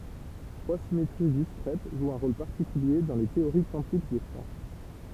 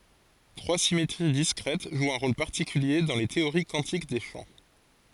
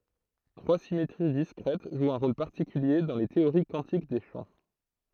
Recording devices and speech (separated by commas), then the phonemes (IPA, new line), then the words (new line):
temple vibration pickup, forehead accelerometer, throat microphone, read sentence
tʁwa simetʁi diskʁɛt ʒwt œ̃ ʁol paʁtikylje dɑ̃ le teoʁi kwɑ̃tik de ʃɑ̃
Trois symétries discrètes jouent un rôle particulier dans les théories quantiques des champs.